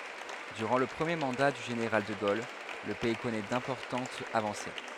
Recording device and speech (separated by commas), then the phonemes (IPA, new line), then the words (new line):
headset microphone, read sentence
dyʁɑ̃ lə pʁəmje mɑ̃da dy ʒeneʁal də ɡol lə pɛi kɔnɛ dɛ̃pɔʁtɑ̃tz avɑ̃se
Durant le premier mandat du général de Gaulle, le pays connaît d'importantes avancées.